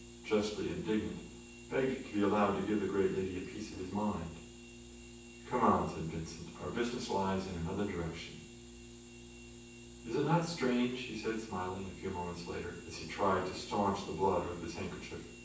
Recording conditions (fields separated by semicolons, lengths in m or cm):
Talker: one person; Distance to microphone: 9.8 m; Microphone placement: far; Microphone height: 1.8 m; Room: large; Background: none